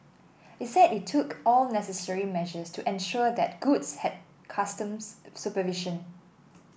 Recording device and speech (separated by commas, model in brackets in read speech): boundary microphone (BM630), read sentence